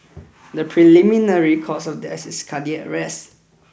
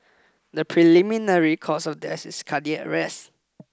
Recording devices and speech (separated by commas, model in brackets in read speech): boundary microphone (BM630), close-talking microphone (WH20), read sentence